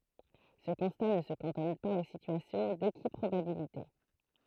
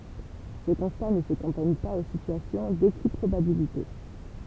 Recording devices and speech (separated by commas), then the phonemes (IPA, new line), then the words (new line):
throat microphone, temple vibration pickup, read sentence
sə kɔ̃sta nə sə kɑ̃tɔn paz o sityasjɔ̃ dekipʁobabilite
Ce constat ne se cantonne pas aux situations d’équiprobabilité.